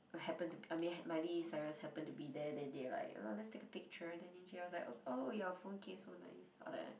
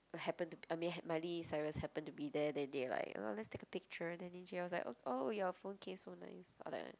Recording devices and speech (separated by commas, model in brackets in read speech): boundary microphone, close-talking microphone, conversation in the same room